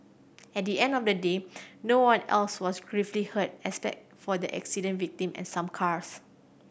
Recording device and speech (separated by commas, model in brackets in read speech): boundary microphone (BM630), read sentence